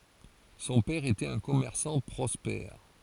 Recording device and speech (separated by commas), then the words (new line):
forehead accelerometer, read sentence
Son père était un commerçant prospère.